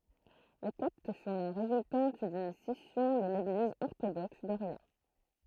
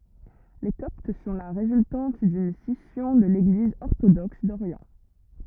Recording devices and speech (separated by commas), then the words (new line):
throat microphone, rigid in-ear microphone, read sentence
Les Coptes sont la résultante d'une scission de l'Église orthodoxe d'Orient.